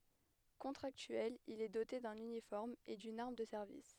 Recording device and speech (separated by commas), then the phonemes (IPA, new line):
headset microphone, read sentence
kɔ̃tʁaktyɛl il ɛ dote dœ̃n ynifɔʁm e dyn aʁm də sɛʁvis